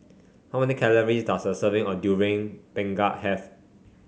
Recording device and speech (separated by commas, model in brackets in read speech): mobile phone (Samsung C5), read sentence